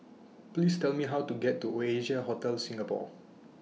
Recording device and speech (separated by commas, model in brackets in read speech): mobile phone (iPhone 6), read sentence